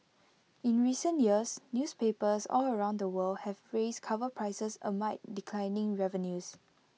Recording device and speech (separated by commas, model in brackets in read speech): mobile phone (iPhone 6), read sentence